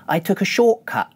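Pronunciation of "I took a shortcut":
There are glottal stops in the words 'short' and 'cut'.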